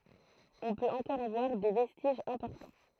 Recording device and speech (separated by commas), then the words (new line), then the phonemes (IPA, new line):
throat microphone, read sentence
On peut encore en voir des vestiges importants.
ɔ̃ pøt ɑ̃kɔʁ ɑ̃ vwaʁ de vɛstiʒz ɛ̃pɔʁtɑ̃